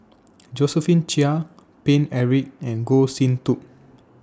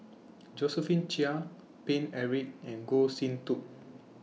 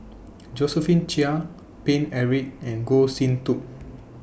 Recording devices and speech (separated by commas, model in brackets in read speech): standing microphone (AKG C214), mobile phone (iPhone 6), boundary microphone (BM630), read sentence